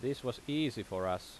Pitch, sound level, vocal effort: 120 Hz, 86 dB SPL, loud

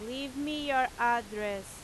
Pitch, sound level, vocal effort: 240 Hz, 93 dB SPL, very loud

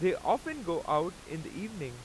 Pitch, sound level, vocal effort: 180 Hz, 94 dB SPL, very loud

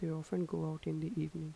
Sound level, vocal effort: 79 dB SPL, soft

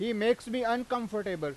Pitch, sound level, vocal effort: 230 Hz, 98 dB SPL, very loud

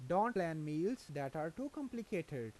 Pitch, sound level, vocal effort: 165 Hz, 87 dB SPL, normal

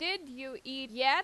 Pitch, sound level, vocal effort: 265 Hz, 93 dB SPL, very loud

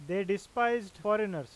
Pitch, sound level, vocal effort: 200 Hz, 95 dB SPL, loud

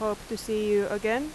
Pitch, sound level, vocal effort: 215 Hz, 87 dB SPL, loud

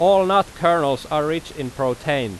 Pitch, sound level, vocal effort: 150 Hz, 93 dB SPL, very loud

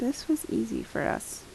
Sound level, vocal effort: 74 dB SPL, soft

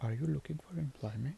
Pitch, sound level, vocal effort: 150 Hz, 72 dB SPL, soft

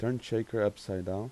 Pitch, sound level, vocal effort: 105 Hz, 85 dB SPL, soft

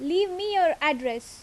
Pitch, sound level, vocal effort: 320 Hz, 87 dB SPL, loud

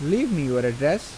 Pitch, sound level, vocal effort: 150 Hz, 85 dB SPL, normal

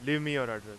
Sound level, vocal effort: 95 dB SPL, very loud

